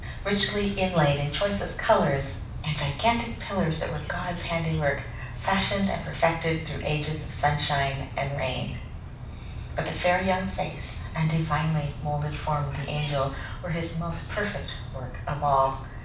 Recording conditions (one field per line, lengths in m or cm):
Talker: one person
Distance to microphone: 5.8 m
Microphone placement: far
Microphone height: 1.8 m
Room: medium-sized (5.7 m by 4.0 m)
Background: television